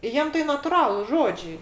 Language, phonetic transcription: Lithuanian, ˈjiem tai natuˈralus ˈžodžiai

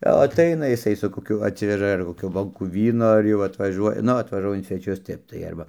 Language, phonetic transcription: Lithuanian, jau aˈtaina jiˈsai su koˈkiu atˈsiveža ar koˈkių ˈbonkų ˈvyno ar ˈjau atvaˈžuoja ˈnu atvažuoja in sveˈčius ˈtep tai ˈarba

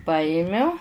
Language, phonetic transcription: Lithuanian, ˈpajimiu

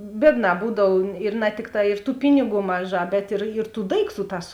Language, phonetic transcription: Lithuanian, ˈbiedˌnā ˈbūdav ir na ˈtikˌtā ir tų ˈpiniˌgų ˈmaˌžā bet ir ir tų ˈdaikˌtų ˈtās

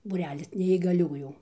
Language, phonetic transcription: Lithuanian, būˈrelis neįgaˈliųjų

